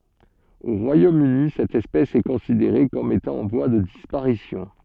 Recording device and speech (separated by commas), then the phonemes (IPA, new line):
soft in-ear microphone, read sentence
o ʁwajomøni sɛt ɛspɛs ɛ kɔ̃sideʁe kɔm etɑ̃ ɑ̃ vwa də dispaʁisjɔ̃